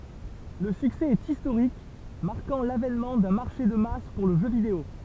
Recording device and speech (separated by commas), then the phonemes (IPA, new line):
temple vibration pickup, read sentence
lə syksɛ ɛt istoʁik maʁkɑ̃ lavɛnmɑ̃ dœ̃ maʁʃe də mas puʁ lə ʒø video